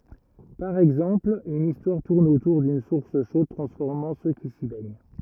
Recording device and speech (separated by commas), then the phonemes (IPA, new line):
rigid in-ear microphone, read sentence
paʁ ɛɡzɑ̃pl yn istwaʁ tuʁn otuʁ dyn suʁs ʃod tʁɑ̃sfɔʁmɑ̃ sø ki si bɛɲ